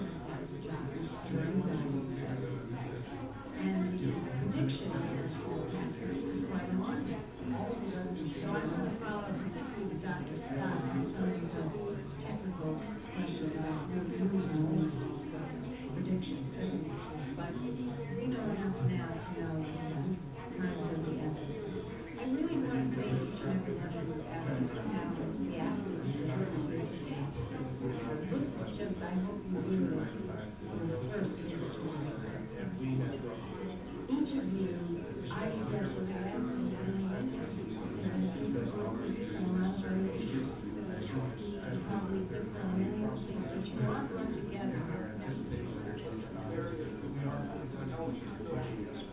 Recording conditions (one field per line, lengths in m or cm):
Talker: no one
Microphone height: 99 cm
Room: medium-sized (5.7 m by 4.0 m)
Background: babble